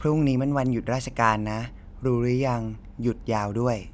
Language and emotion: Thai, neutral